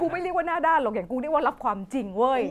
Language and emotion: Thai, frustrated